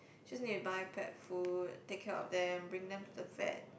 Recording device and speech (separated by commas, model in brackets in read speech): boundary microphone, conversation in the same room